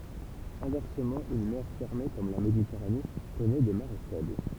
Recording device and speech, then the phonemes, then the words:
temple vibration pickup, read sentence
ɛ̃vɛʁsəmɑ̃ yn mɛʁ fɛʁme kɔm la meditɛʁane kɔnɛ de maʁe fɛbl
Inversement, une mer fermée comme la Méditerranée connaît des marées faibles.

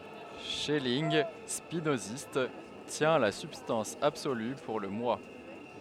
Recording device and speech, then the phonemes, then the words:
headset microphone, read sentence
ʃɛlinɡ spinozist tjɛ̃ la sybstɑ̃s absoly puʁ lə mwa
Schelling, spinoziste, tient la substance absolue pour le Moi.

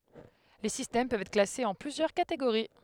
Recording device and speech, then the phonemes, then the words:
headset microphone, read sentence
le sistɛm pøvt ɛtʁ klasez ɑ̃ plyzjœʁ kateɡoʁi
Les systèmes peuvent être classés en plusieurs catégories.

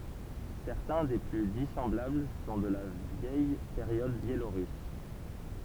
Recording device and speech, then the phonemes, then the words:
temple vibration pickup, read sentence
sɛʁtɛ̃ de ply disɑ̃blabl sɔ̃ də la vjɛj peʁjɔd bjeloʁys
Certains des plus dissemblables sont de la vieille période biélorusse.

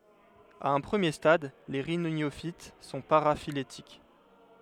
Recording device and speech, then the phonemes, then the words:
headset microphone, read sentence
a œ̃ pʁəmje stad le ʁinjofit sɔ̃ paʁafiletik
À un premier stade, les rhyniophytes sont paraphylétiques.

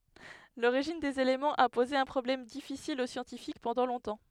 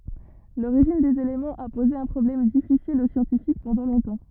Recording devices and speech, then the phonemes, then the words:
headset microphone, rigid in-ear microphone, read sentence
loʁiʒin dez elemɑ̃z a poze œ̃ pʁɔblɛm difisil o sjɑ̃tifik pɑ̃dɑ̃ lɔ̃tɑ̃
L'origine des éléments a posé un problème difficile aux scientifiques pendant longtemps.

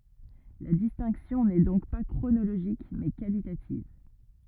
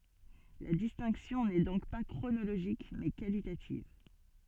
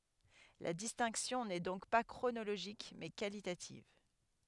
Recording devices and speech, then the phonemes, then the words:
rigid in-ear microphone, soft in-ear microphone, headset microphone, read sentence
la distɛ̃ksjɔ̃ nɛ dɔ̃k pa kʁonoloʒik mɛ kalitativ
La distinction n'est donc pas chronologique mais qualitative.

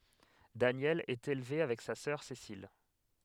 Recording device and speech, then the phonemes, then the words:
headset microphone, read sentence
danjɛl ɛt elve avɛk sa sœʁ sesil
Danielle est élevée avec sa sœur Cécile.

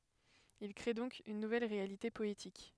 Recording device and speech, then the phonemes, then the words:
headset microphone, read sentence
il kʁe dɔ̃k yn nuvɛl ʁealite pɔetik
Il crée donc une nouvelle réalité poétique.

